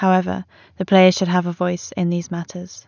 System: none